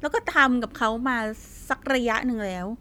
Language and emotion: Thai, frustrated